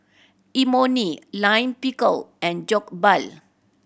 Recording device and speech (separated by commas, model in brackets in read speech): boundary microphone (BM630), read sentence